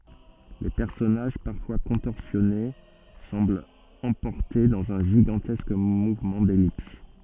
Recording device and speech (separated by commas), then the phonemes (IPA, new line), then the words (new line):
soft in-ear microphone, read sentence
le pɛʁsɔnaʒ paʁfwa kɔ̃tɔʁsjɔne sɑ̃blt ɑ̃pɔʁte dɑ̃z œ̃ ʒiɡɑ̃tɛsk muvmɑ̃ dɛlips
Les personnages, parfois contorsionnés, semblent emportés dans un gigantesque mouvement d'ellipse.